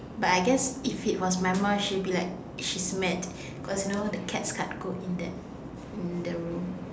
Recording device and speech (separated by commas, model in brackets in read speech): standing microphone, conversation in separate rooms